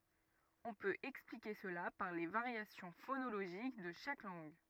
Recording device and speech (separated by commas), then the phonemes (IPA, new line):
rigid in-ear microphone, read sentence
ɔ̃ pøt ɛksplike səla paʁ le vaʁjasjɔ̃ fonoloʒik də ʃak lɑ̃ɡ